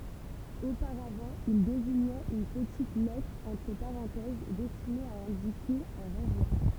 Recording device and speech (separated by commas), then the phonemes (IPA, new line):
temple vibration pickup, read sentence
opaʁavɑ̃ il deziɲɛt yn pətit lɛtʁ ɑ̃tʁ paʁɑ̃tɛz dɛstine a ɛ̃dike œ̃ ʁɑ̃vwa